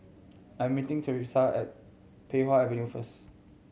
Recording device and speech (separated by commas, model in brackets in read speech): mobile phone (Samsung C7100), read sentence